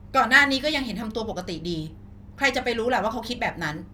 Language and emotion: Thai, angry